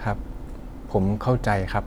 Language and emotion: Thai, sad